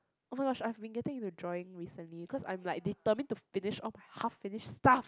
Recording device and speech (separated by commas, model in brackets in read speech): close-talking microphone, conversation in the same room